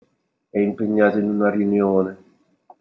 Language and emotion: Italian, sad